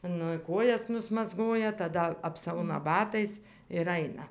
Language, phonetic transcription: Lithuanian, ˈnu ˈkojas nusmazˈgoja taˈda apˈsauna ˈbatais ir ˈaina

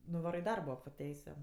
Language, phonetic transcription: Lithuanian, nuˈvaro i ˈdarbo po ˈteisiu

